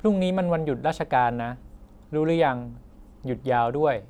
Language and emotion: Thai, neutral